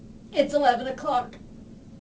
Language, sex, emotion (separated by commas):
English, female, fearful